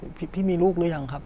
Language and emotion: Thai, neutral